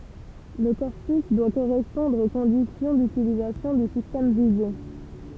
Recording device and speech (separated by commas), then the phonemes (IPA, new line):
temple vibration pickup, read sentence
lə kɔʁpys dwa koʁɛspɔ̃dʁ o kɔ̃disjɔ̃ dytilizasjɔ̃ dy sistɛm vize